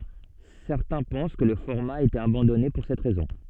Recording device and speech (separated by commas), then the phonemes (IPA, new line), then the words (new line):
soft in-ear microphone, read sentence
sɛʁtɛ̃ pɑ̃s kə lə fɔʁma a ete abɑ̃dɔne puʁ sɛt ʁɛzɔ̃
Certains pensent que le format a été abandonné pour cette raison.